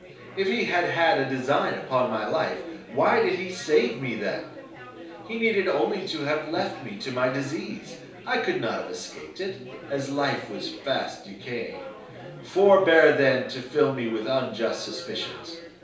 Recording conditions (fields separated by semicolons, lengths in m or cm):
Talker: one person; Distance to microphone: 3.0 m; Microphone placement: far; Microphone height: 1.8 m; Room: small (3.7 m by 2.7 m); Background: babble